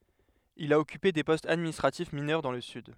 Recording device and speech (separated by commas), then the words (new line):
headset microphone, read sentence
Il a occupé des postes administratifs mineurs dans le Sud.